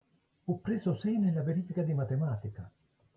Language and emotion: Italian, surprised